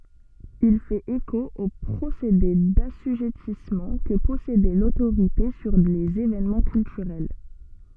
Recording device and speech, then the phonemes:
soft in-ear microphone, read sentence
il fɛt eko o pʁosede dasyʒɛtismɑ̃ kə pɔsedɛ lotoʁite syʁ lez evenmɑ̃ kyltyʁɛl

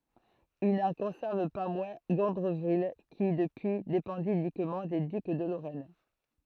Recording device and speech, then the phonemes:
throat microphone, read sentence
il nɑ̃ kɔ̃sɛʁv pa mwɛ̃ ɡɔ̃dʁəvil ki dəpyi depɑ̃di ynikmɑ̃ de dyk də loʁɛn

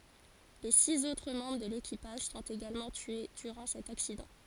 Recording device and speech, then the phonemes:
forehead accelerometer, read sentence
le siz otʁ mɑ̃bʁ də lekipaʒ sɔ̃t eɡalmɑ̃ tye dyʁɑ̃ sɛt aksidɑ̃

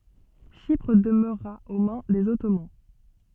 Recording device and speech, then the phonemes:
soft in-ear microphone, read sentence
ʃipʁ dəmøʁa o mɛ̃ dez ɔtoman

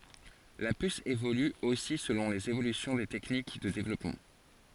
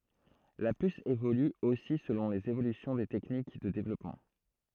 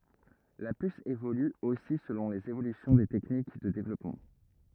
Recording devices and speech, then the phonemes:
forehead accelerometer, throat microphone, rigid in-ear microphone, read sentence
la pys evoly osi səlɔ̃ lez evolysjɔ̃ de tɛknik də devlɔpmɑ̃

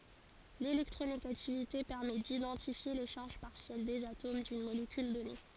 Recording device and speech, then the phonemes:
forehead accelerometer, read sentence
lelɛktʁoneɡativite pɛʁmɛ didɑ̃tifje le ʃaʁʒ paʁsjɛl dez atom dyn molekyl dɔne

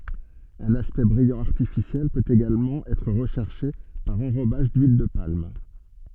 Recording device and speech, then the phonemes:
soft in-ear microphone, read sentence
œ̃n aspɛkt bʁijɑ̃ aʁtifisjɛl pøt eɡalmɑ̃ ɛtʁ ʁəʃɛʁʃe paʁ ɑ̃ʁobaʒ dyil də palm

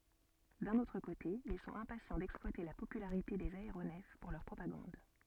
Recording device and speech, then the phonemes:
soft in-ear microphone, read sentence
dœ̃n otʁ kote il sɔ̃t ɛ̃pasjɑ̃ dɛksplwate la popylaʁite dez aeʁonɛf puʁ lœʁ pʁopaɡɑ̃d

